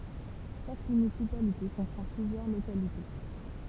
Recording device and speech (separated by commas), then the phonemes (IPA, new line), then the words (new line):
temple vibration pickup, read sentence
ʃak mynisipalite kɔ̃pʁɑ̃ plyzjœʁ lokalite
Chaque municipalité comprend plusieurs localités.